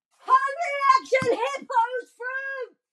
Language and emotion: English, happy